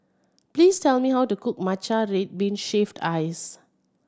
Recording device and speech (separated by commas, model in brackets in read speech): standing microphone (AKG C214), read sentence